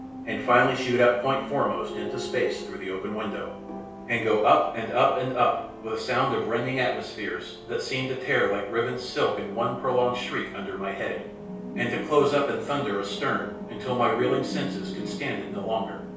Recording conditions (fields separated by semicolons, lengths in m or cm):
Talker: one person; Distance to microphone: 3.0 m; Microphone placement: far; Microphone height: 1.8 m; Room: small (3.7 m by 2.7 m); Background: television